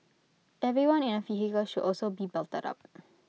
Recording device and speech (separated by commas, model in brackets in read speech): mobile phone (iPhone 6), read sentence